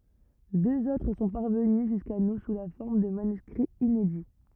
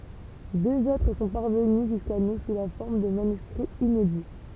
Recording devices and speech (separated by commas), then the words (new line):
rigid in-ear microphone, temple vibration pickup, read sentence
Deux autres sont parvenus jusqu’à nous sous la forme de manuscrits inédits.